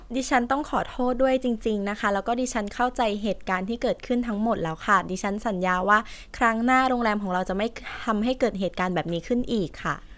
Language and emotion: Thai, neutral